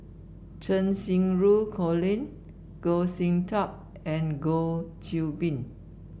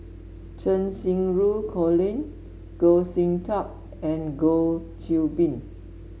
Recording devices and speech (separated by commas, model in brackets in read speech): boundary microphone (BM630), mobile phone (Samsung S8), read sentence